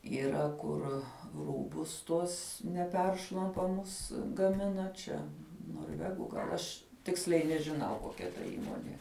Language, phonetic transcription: Lithuanian, yˈra kur ˈrūbus ˈtuos neˈperšlampamus gaˈmina ˈčia norˈvegu gal ˈaš ˈtiksliai nežiˈnau koˈkia ta ˈįmonė

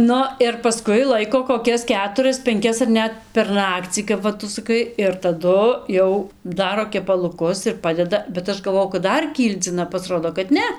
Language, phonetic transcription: Lithuanian, ˈnu ir paˈskui ˈlaiko koˈkias ˈketuras penˈkias ar ˈnet per ˈnakcį kap ˈva ˈtu saˈkai ir taˈdu ˈjau ˈdaro kepaluˈkus ir ˈpadeda bet ˈaš galˈvojau kad ˈdar ˈkyldzina pasˈrodo kad ˈne

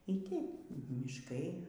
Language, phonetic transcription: Lithuanian, y ˈteip mišˈkai

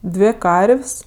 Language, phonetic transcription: Lithuanian, ˈdvė ˈkarv's'

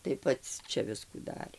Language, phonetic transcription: Lithuanian, tai ˈpats ˈčia ˈviskų ˈdarė

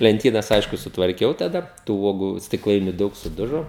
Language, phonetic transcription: Lithuanian, lenˈtynas ˈaišku sutvarˈkiau taˈda tų ˈuogu stikˈlainiu ˈdaug suˈdužo

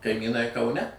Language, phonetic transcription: Lithuanian, kaimyˈnai kauˈne

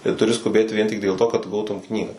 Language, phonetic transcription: Lithuanian, tai tuˈri skuˈbėt vien tik dėl to kad ˈgautum ˈknygą

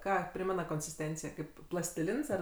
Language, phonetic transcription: Lithuanian, ˈką ˈprimena konsisˈtencija ˈkaip plastiˈlins ar

